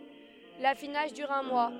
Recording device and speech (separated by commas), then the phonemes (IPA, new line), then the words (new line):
headset microphone, read sentence
lafinaʒ dyʁ œ̃ mwa
L'affinage dure un mois.